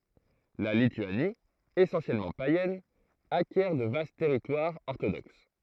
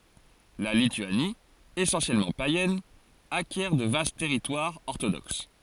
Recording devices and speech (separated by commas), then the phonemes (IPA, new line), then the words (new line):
throat microphone, forehead accelerometer, read sentence
la lityani esɑ̃sjɛlmɑ̃ pajɛn akjɛʁ də vast tɛʁitwaʁz ɔʁtodoks
La Lituanie, essentiellement païenne, acquiert de vastes territoires orthodoxes.